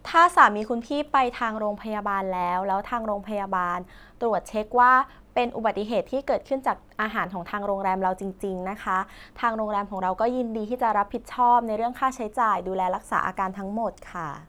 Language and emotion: Thai, neutral